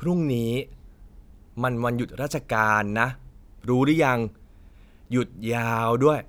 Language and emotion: Thai, frustrated